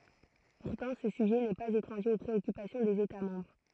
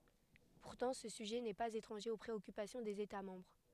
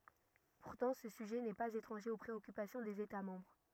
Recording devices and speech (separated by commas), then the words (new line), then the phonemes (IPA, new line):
throat microphone, headset microphone, rigid in-ear microphone, read sentence
Pourtant, ce sujet n'est pas étranger aux préoccupations des États membres.
puʁtɑ̃ sə syʒɛ nɛ paz etʁɑ̃ʒe o pʁeɔkypasjɔ̃ dez eta mɑ̃bʁ